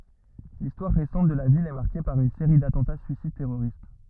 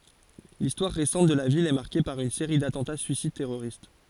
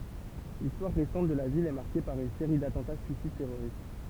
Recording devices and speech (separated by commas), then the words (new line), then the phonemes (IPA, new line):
rigid in-ear microphone, forehead accelerometer, temple vibration pickup, read sentence
L'histoire récente de la ville est marquée par une série d'attentats suicides terroristes.
listwaʁ ʁesɑ̃t də la vil ɛ maʁke paʁ yn seʁi datɑ̃ta syisid tɛʁoʁist